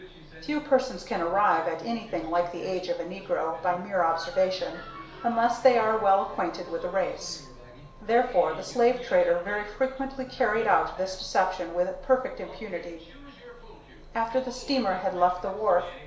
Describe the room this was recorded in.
A compact room.